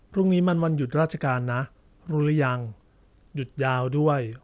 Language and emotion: Thai, neutral